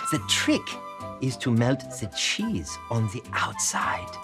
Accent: french accent